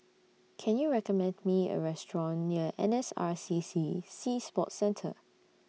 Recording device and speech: mobile phone (iPhone 6), read sentence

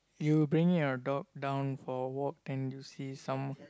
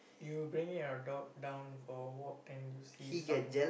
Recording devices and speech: close-talking microphone, boundary microphone, conversation in the same room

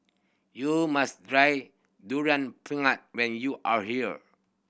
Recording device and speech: boundary microphone (BM630), read sentence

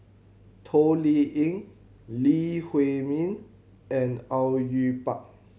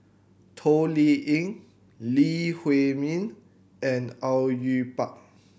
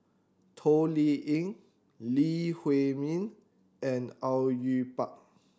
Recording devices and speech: mobile phone (Samsung C7100), boundary microphone (BM630), standing microphone (AKG C214), read sentence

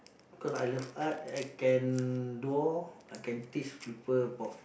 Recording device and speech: boundary microphone, conversation in the same room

